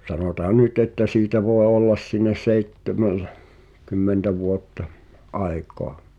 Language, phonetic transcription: Finnish, 'sanotaa "nyt ‿että siitä voe 'ollas '(siinäs-) "seittemel̳- , -kymmentä vuottᴀ , '’ai̬koa .
- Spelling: sanotaan nyt että siitä voi olla siinä - seitsemänkymmentä vuotta aikaa

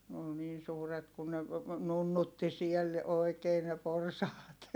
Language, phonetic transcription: Finnish, n ‿ol niin̬ suuret kun ne , nunnutti siel , oikee ne porsaat .
- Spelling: ne oli niin suuret kun ne nunnutti siellä oikein ne porsaat

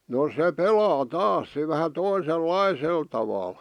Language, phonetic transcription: Finnish, no 'se "pelaa "taas se vähä 'toisel"laisel taval .
- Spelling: no se pelaa taas se vähän toisenlaisella tavalla

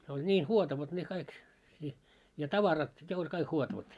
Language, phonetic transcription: Finnish, se oĺ ńii 'huotavat ne kaik , i , ja 'tavarat , 'ne oĺ kaik 'huotavat .
- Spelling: se oli niin huotavat ne kaikki - ja tavarat ne oli kaikki huotavat

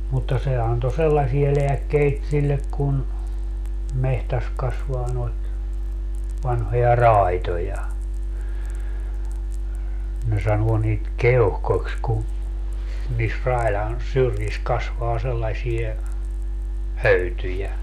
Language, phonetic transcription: Finnish, mutta 'se anto "sellasie 'leäkkeit 'sillek kun , 'mehtäs 'kasvaa noit , vanhoja "ràitoja , ne 'sanuo niit "keohkokś ku , niis 'railan , 'syrjis 'kasvaa sellaśie , "höytyjä .
- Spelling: mutta se antoi sellaisia lääkkeitä sille kun metsässä kasvaa noita vanhoja raitoja ne sanoo niitä keuhkoiksi kun niissä raidan syrjissä kasvaa sellaisia höytyjä

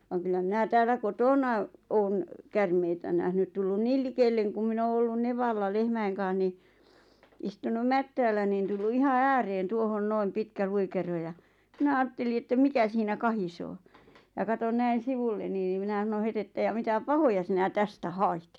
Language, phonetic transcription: Finnish, vaŋ kyllä minä 'tääl̆lä "kotòna , 'oon , "kärmeitä nähnyt 'tullun "niil 'likelleŋ kum 'min ‿oo ollun "nevalla 'lehmäiŋ kaa̰h ni , istunum "mättäällä nin tullu 'iha "ääreen 'tuohon "noim "pitkä 'luikero ja , 'minä 'aatteli että 'mikä siinä 'kahisoo , ja 'katon "näin̬ 'sivulleni ⁿⁱ 'minä ˢᵃⁿᵒ 'het ‿että » ja 'mitä "pahoja sinä 'tästä "hait ?
- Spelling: vaan kyllä minä täällä kotona olen käärmeitä nähnyt tullut niin likelle kun minä olen ollut nevalla lehmien kanssa niin istunut mättäällä niin tullut ihan ääreen tuohon noin pitkä luikero ja minä ajattelin että mikä siinä kahisee ja katsoin näin sivulleni no minä sanoin heti että ja mitä pahoja sinä tästä hait

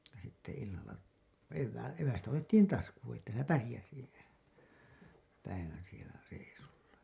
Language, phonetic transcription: Finnish, sitte illal̆la , evvää- , "evästä otettiin 'taskuun̬ ‿että sielä 'pärĭjäsi , päivän sielä , reisulla .
- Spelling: sitten illalla - evästä otettiin taskuun että siellä pärjäsi päivän siellä reissulla

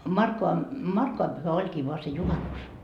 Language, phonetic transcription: Finnish, 'Markkova , "Markkovam pyhä 'oĺkii voa se 'juhanus .
- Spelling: Markkovan Markkovan pyhä olikin vain se juhannus

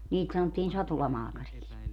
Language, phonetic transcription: Finnish, 'niit sanottiin 'satulamaakariks .
- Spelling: niitä sanottiin satulamaakariksi

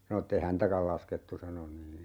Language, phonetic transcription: Finnish, sano ette "häntäkäl 'laskettu sano nii .
- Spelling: sanoi että ei häntäkään laskettu sanoi niin

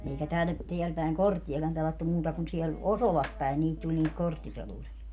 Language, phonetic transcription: Finnish, eikä tär - 'teäl pä̀eŋ "kortti₍akam 'pelattu 'muuta kun siɛl , "Osolas päen niit 'tuĺ niit 'korttipeluri₍a .
- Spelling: eikä - täällä päin korttiakaan pelattu muuta kuin siellä Osolassa päin niitä tuli niitä korttipelureita

